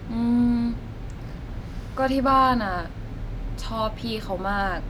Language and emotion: Thai, frustrated